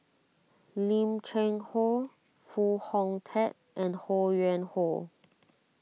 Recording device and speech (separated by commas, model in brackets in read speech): mobile phone (iPhone 6), read sentence